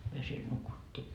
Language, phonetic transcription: Finnish, myö siel 'nukuttii .
- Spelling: me siellä nukuttiin

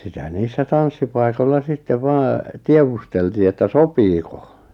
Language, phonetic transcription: Finnish, 'sitä 'niissä 'tanssipai̬kolla 'sittev 'vaa , 'tievusteltii että "sopiiko .
- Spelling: sitä niissä tanssipaikoilla sitten vain tiedusteltiin että sopiiko

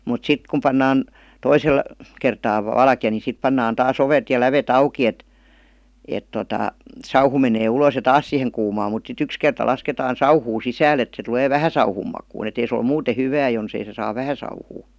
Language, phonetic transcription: Finnish, mut "sit kum pannaan , 'toisel , kertaa , 'valkⁱja ni 'sip pannaan taa"s ‿ovet ja "läve't ‿auk̀i et , et totà , 'sauhu menee 'ulos ja "taas siheŋ kuumaam mut sit 'yks kerta 'lasketaan̬ "sauhuu 'sisääl ‿et se tᵘlee "vähä 'sauhum makuun ‿et ‿ei se ol "muute 'hyvää jonsei se saav "vähä sauhuu .
- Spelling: mutta sitten kun pannaan toisella kertaa valkea niin sitten pannaan taas ovet ja lävet auki että että tuota sauhu menee ulos ja taas siihen kuumaan mutta sitten yksi kerta lasketaan sauhua sisälle että se tulee vähän sauhun makuun että ei se ole muuten hyvää jos ei se saa vähän sauhua

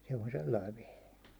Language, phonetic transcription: Finnish, se on 'sellai vehe .
- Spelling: se on sellainen vehje

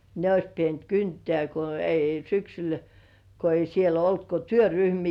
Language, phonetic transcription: Finnish, ne ois 'pient "kyntĕä̀ ko ei 'syksyl , ko ei siel ‿'olt ko "työryhmii .
- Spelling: ne olisi pitänyt kyntää kun ei syksyllä kun ei siellä ollut kuin työryhmiä

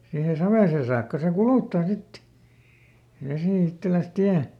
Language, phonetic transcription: Finnish, siihe ˈsavèsen̬ saakka se "kulùttaa sit , ˈvesì ˈitteläs "tiä .
- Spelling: siihen saviseen saakka se kuluttaa sitten vesi itselleen tien

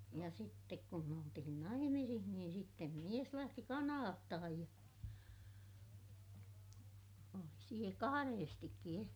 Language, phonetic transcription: Finnish, ja sittek kum me oltihin naimisih niin sittem mies lähti Kanaattahaj ja , oli siä kahareestikki e - ,.
- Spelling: ja sitten kun me oltiin naimisissa niin sitten mies lähti Kanadaan ja oli siellä kahdestikin -

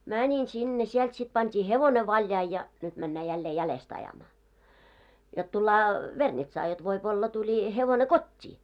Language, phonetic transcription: Finnish, 'mäńin 'sinne , siɛlt sit pant́ii 'hevone 'valjai ja , nyt männää jällee 'jälest ajamaa , jot tullaa , 'Vernitsaa jot 'voip olla 'tuĺi , hevone "kot́t́ii .
- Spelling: menin sinne sieltä sitten pantiin hevonen valjaisiin ja nyt mennään jälleen jäljestä ajamaan jotta tullaan Vernitsaan jotta voi olla tuli hevonen kotiin

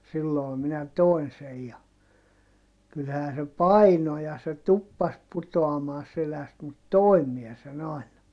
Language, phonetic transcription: Finnish, silloo minä toin sej ja , kylhää se paino ja se tuppas putoamaa seläst mut toim miɛ sen ‿àina .
- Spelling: silloin minä toin sen ja kyllähän se painoi ja se tuppasi putoamaan selästä mutta toin minä sen aina

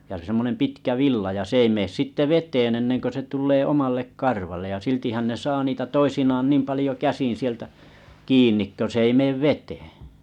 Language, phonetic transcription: Finnish, ja 'sem̆monem 'pitkä 'villa ja 's ‿ei mees sitte 'vet̀een enneŋko se 'tullee 'omallek 'karvallej ja 'siltihän ne ’saa niitä "toisinaan "niim palĭjo 'käsin sieltä , 'kiin̆nik kö 's ‿ei meev "vetee .
- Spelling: ja semmoinen pitkä villa ja se ei mene sitten veteen ennen kuin se tulee omalle karvalle ja siltihän ne saa niitä toisinaan niin paljon käsin sieltä kiinni kun se ei mene veteen

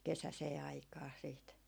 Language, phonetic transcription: Finnish, "kesäsee 'aikaa siit .
- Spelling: kesäiseen aikaan sitten

